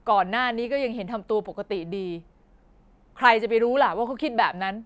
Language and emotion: Thai, frustrated